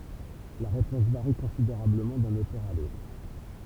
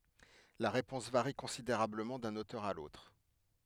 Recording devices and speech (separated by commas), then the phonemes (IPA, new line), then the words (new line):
temple vibration pickup, headset microphone, read sentence
la ʁepɔ̃s vaʁi kɔ̃sideʁabləmɑ̃ dœ̃n otœʁ a lotʁ
La réponse varie considérablement d'un auteur à l'autre.